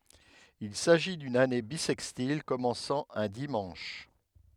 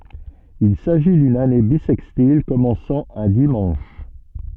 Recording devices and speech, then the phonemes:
headset microphone, soft in-ear microphone, read sentence
il saʒi dyn ane bisɛkstil kɔmɑ̃sɑ̃ œ̃ dimɑ̃ʃ

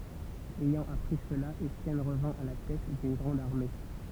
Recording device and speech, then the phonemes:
temple vibration pickup, read sentence
ɛjɑ̃ apʁi səla etjɛn ʁəvɛ̃ a la tɛt dyn ɡʁɑ̃d aʁme

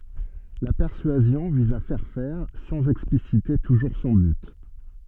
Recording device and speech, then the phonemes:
soft in-ear microphone, read sentence
la pɛʁsyazjɔ̃ viz a fɛʁ fɛʁ sɑ̃z ɛksplisite tuʒuʁ sɔ̃ byt

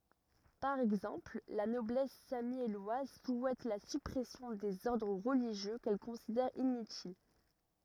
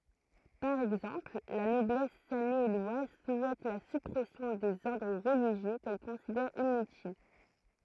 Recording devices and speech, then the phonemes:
rigid in-ear microphone, throat microphone, read sentence
paʁ ɛɡzɑ̃pl la nɔblɛs samjɛlwaz suɛt la sypʁɛsjɔ̃ dez ɔʁdʁ ʁəliʒjø kɛl kɔ̃sidɛʁ inytil

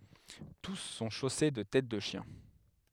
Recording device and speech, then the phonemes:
headset microphone, read sentence
tus sɔ̃ ʃose də tɛt də ʃjɛ̃

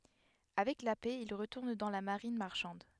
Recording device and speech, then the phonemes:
headset microphone, read sentence
avɛk la pɛ il ʁətuʁn dɑ̃ la maʁin maʁʃɑ̃d

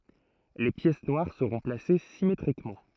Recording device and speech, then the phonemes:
throat microphone, read sentence
le pjɛs nwaʁ səʁɔ̃ plase simetʁikmɑ̃

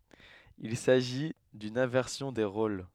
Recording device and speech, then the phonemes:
headset microphone, read sentence
il saʒi dyn ɛ̃vɛʁsjɔ̃ de ʁol

